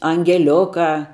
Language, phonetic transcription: Lithuanian, angeˈliukā

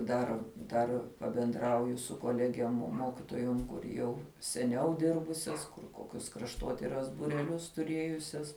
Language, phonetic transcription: Lithuanian, ˈdar ˈdar pabenˈdrauju su koˈlegiem ˈmokitojom kur ˈjau seˈniau ˈdirbusias kur ˈkokius krašˈtotiras bureˈlius tuˈrėjusias

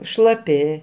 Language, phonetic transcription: Lithuanian, šlaˈpi

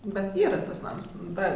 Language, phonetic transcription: Lithuanian, bet ˈyra ˈtas ˈnams ˈda

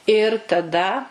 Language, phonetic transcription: Lithuanian, ir taˈda

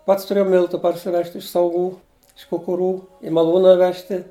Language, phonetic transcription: Lithuanian, ˈpats tuˈrėjau ˈmiltu parsiˈvežt' iš sauˈgų iš kukuˈrų i maˈlūna ˈvežti

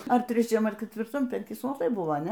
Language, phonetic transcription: Lithuanian, ar treˈčiam ar ketvirˈtam penˈki suoˈlai buˈva a ˈne

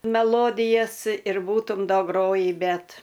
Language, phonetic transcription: Lithuanian, meˈlodijas ir ˈbūtum da ˈgrojį ˈbet

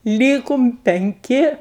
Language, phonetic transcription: Lithuanian, ˈlykum penˈki

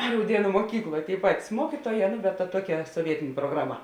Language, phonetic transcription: Lithuanian, rauˈdienu muoˈkykloj tėi ˈpatis ˈmuokytuoˌjē nu bet ta ˈtuoˌkia soˈvietėnė prograˈma

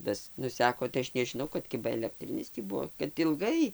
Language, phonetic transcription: Lithuanian, ˈtas ˈnuseko tai ˈaš nežiˈnau kad ˈkiba elekˈtrinis tį ˈbuo kad ilˈgai

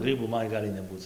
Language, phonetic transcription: Lithuanian, ˈgrybų ˈman ˈgali neˈbūc

